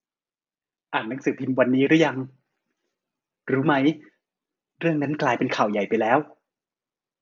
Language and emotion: Thai, neutral